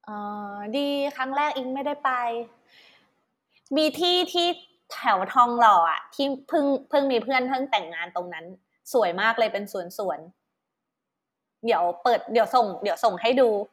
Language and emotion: Thai, neutral